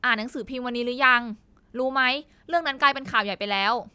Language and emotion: Thai, happy